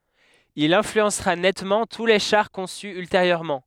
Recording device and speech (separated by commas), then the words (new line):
headset microphone, read sentence
Il influencera nettement tous les chars conçus ultérieurement.